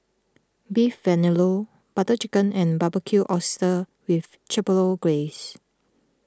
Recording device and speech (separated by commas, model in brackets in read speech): close-talking microphone (WH20), read sentence